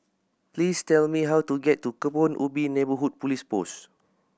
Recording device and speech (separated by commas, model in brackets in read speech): boundary microphone (BM630), read sentence